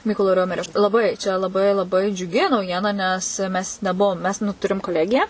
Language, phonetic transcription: Lithuanian, ˈmykolo ˈriomerio laˈbai čia laˈbai laˈbai džiuˈgi nauˈjiena nes mes neˈbuvom mes nu ˈturim koˈlegiją

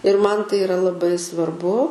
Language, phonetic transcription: Lithuanian, ir ˈman ˈtai iˈra laˈbai svarˈbu

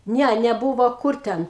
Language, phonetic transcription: Lithuanian, ˈne neˈbuvo ˈkur ˈten

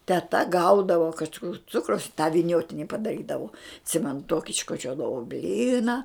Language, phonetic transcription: Lithuanian, teˈta ˈgaudavo kažˈkur ˈcukraus i tą viˈniotini padaˈrydavo atˈsimenu ˈtoki iškoˈčiodavo ˈblyna

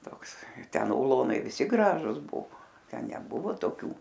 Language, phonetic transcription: Lithuanian, ˈtoks ten uˈlonai ˈvisi ˈgražus ˈbuvo ˈten neˈbuvo toˈkių

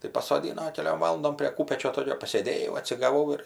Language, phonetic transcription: Lithuanian, tai pasoˈdyno keˈliom ˈvalandom prė ˈkūpečio ˈtokio pasėˈdėjau atsigaˈvau ir

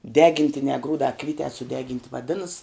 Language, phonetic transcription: Lithuanian, ˈdegintinē ˈgrūdā ˈkvytē suˈdeginti vaˈdinas

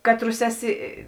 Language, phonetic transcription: Lithuanian, ˈkatˌrus ˈeˌsi

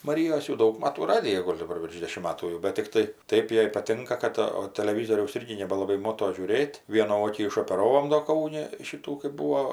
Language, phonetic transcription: Lithuanian, maˈryjos jau ˈdaug ˈmatų ˈradija ˈgol' daˈbar virš ˈdėšim ˈmatų jau bet tikˈtai ˈtaip ˈjai paˈtinka ˈkad o taleˈvyzoriaus ˈirgi nebelaˈbai ˈmoto žiūˈrėt' ˈvienų ˈokį išopeˈravom do ˈkauni ˈšytų kɜp ˈbūvo

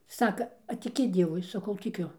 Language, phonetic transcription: Lithuanian, ˈsaka a tiˈki ˈdievui ˈsakau tiˈkiu

